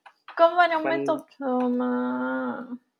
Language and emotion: Thai, frustrated